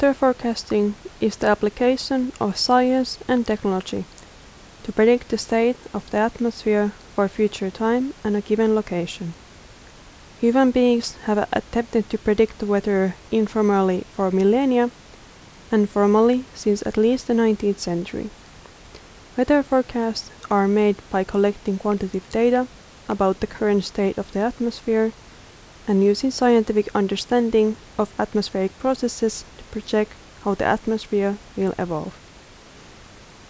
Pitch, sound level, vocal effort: 215 Hz, 78 dB SPL, soft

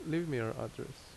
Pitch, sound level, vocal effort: 130 Hz, 78 dB SPL, normal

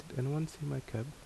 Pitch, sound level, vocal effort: 140 Hz, 72 dB SPL, soft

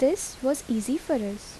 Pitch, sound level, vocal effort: 270 Hz, 77 dB SPL, normal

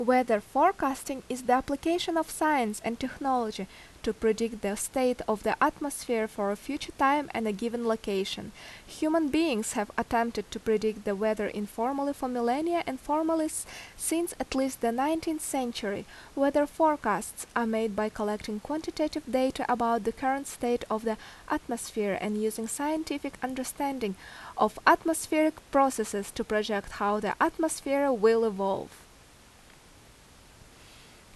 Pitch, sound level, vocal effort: 250 Hz, 82 dB SPL, loud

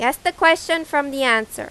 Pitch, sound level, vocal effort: 290 Hz, 92 dB SPL, loud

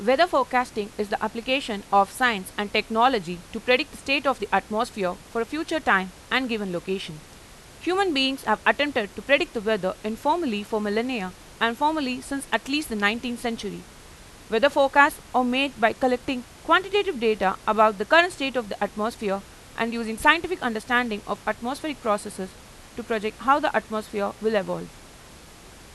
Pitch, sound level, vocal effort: 230 Hz, 91 dB SPL, loud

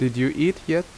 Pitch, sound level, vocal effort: 160 Hz, 81 dB SPL, loud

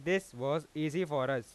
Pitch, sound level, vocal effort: 145 Hz, 95 dB SPL, loud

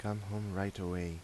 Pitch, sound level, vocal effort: 95 Hz, 81 dB SPL, soft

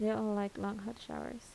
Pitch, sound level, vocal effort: 215 Hz, 76 dB SPL, soft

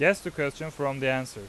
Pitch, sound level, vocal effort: 140 Hz, 93 dB SPL, very loud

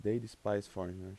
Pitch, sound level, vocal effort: 100 Hz, 84 dB SPL, soft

